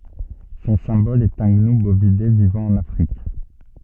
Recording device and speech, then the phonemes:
soft in-ear microphone, read sentence
sɔ̃ sɛ̃bɔl ɛt œ̃ ɡnu bovide vivɑ̃ ɑ̃n afʁik

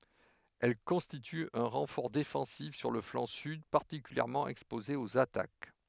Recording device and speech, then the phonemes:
headset microphone, read sentence
ɛl kɔ̃stity œ̃ ʁɑ̃fɔʁ defɑ̃sif syʁ lə flɑ̃ syd paʁtikyljɛʁmɑ̃ ɛkspoze oz atak

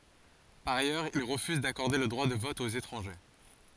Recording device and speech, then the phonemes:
forehead accelerometer, read sentence
paʁ ajœʁz il ʁəfyz dakɔʁde lə dʁwa də vɔt oz etʁɑ̃ʒe

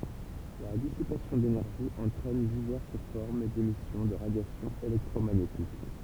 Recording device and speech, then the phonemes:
temple vibration pickup, read sentence
la disipasjɔ̃ denɛʁʒi ɑ̃tʁɛn divɛʁs fɔʁm demisjɔ̃ də ʁadjasjɔ̃ elɛktʁomaɲetik

